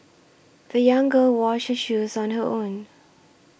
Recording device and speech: boundary microphone (BM630), read sentence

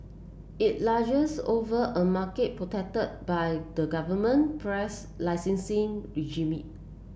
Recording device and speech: boundary microphone (BM630), read sentence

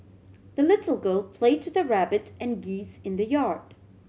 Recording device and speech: mobile phone (Samsung C7100), read sentence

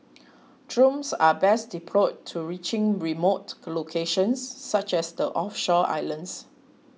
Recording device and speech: mobile phone (iPhone 6), read sentence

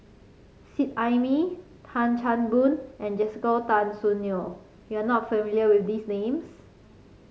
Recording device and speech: mobile phone (Samsung C5), read sentence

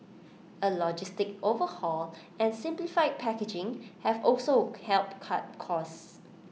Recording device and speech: mobile phone (iPhone 6), read sentence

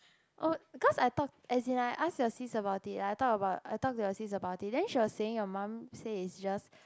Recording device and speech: close-talking microphone, conversation in the same room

